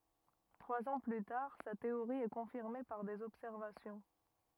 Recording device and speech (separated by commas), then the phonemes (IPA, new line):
rigid in-ear microphone, read sentence
tʁwaz ɑ̃ ply taʁ sa teoʁi ɛ kɔ̃fiʁme paʁ dez ɔbsɛʁvasjɔ̃